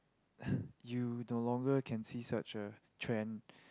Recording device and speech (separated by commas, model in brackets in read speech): close-talking microphone, conversation in the same room